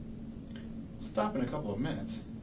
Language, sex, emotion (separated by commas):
English, male, neutral